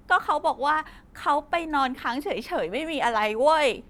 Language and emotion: Thai, sad